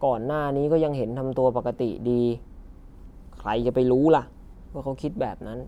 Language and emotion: Thai, frustrated